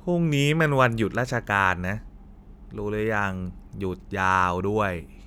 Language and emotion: Thai, frustrated